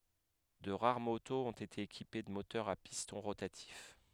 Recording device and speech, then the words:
headset microphone, read sentence
De rares motos ont été équipées de moteurs à piston rotatif.

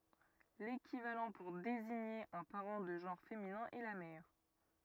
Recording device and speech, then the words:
rigid in-ear microphone, read sentence
L'équivalent pour désigner un parent de genre féminin est la mère.

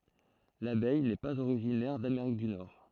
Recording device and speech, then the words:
throat microphone, read sentence
L'abeille n'est pas originaire d'Amérique du Nord.

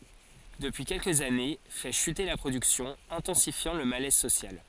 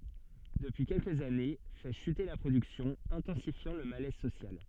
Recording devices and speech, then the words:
forehead accelerometer, soft in-ear microphone, read sentence
Depuis quelques années, fait chuter la production, intensifiant le malaise social.

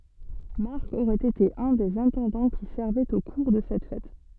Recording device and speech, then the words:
soft in-ear microphone, read sentence
Marc aurait été un des intendants qui servaient au cours de cette fête.

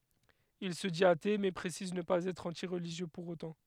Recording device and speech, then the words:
headset microphone, read sentence
Il se dit athée mais précise ne pas être anti-religieux pour autant.

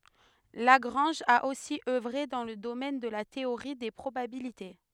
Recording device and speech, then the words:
headset microphone, read sentence
Lagrange a aussi œuvré dans le domaine de la théorie des probabilités.

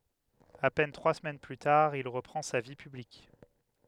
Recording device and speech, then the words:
headset microphone, read sentence
À peine trois semaines plus tard, il reprend sa vie publique.

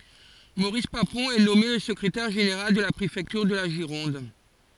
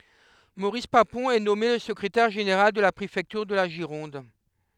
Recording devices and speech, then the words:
forehead accelerometer, headset microphone, read sentence
Maurice Papon est nommé le secrétaire général de la préfecture de la Gironde.

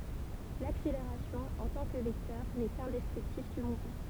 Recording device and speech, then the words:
temple vibration pickup, read sentence
L'accélération, en tant que vecteur, n'est qu'un descriptif du mouvement.

